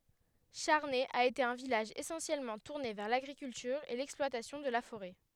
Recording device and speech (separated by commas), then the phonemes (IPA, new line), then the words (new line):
headset microphone, read sentence
ʃaʁnɛ a ete œ̃ vilaʒ esɑ̃sjɛlmɑ̃ tuʁne vɛʁ laɡʁikyltyʁ e lɛksplwatasjɔ̃ də la foʁɛ
Charnay a été un village essentiellement tourné vers l'agriculture et l'exploitation de la forêt.